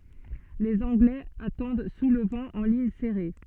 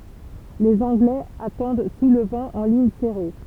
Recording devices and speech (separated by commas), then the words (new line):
soft in-ear microphone, temple vibration pickup, read sentence
Les Anglais attendent sous le vent, en ligne serrée.